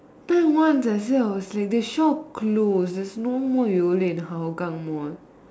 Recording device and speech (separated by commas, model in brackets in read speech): standing microphone, conversation in separate rooms